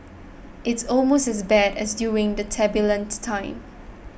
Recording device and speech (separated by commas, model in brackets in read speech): boundary microphone (BM630), read sentence